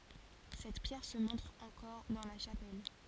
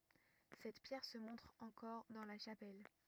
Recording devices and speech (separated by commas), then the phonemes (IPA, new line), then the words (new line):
forehead accelerometer, rigid in-ear microphone, read sentence
sɛt pjɛʁ sə mɔ̃tʁ ɑ̃kɔʁ dɑ̃ la ʃapɛl
Cette pierre se montre encore dans la chapelle.